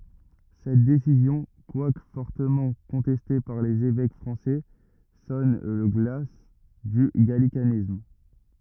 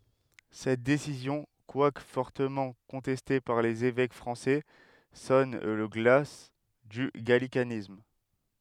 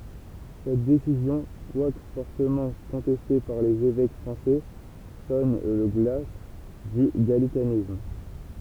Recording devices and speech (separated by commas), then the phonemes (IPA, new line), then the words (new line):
rigid in-ear microphone, headset microphone, temple vibration pickup, read sentence
sɛt desizjɔ̃ kwak fɔʁtəmɑ̃ kɔ̃tɛste paʁ lez evɛk fʁɑ̃sɛ sɔn lə ɡla dy ɡalikanism
Cette décision, quoique fortement contestée par les évêques français, sonne le glas du gallicanisme.